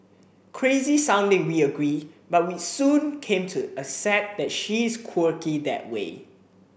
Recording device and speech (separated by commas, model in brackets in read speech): boundary microphone (BM630), read sentence